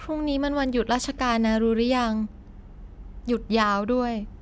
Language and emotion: Thai, frustrated